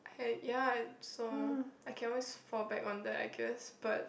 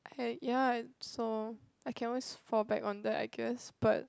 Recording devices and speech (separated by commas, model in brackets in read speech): boundary microphone, close-talking microphone, conversation in the same room